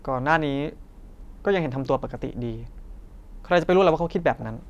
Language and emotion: Thai, frustrated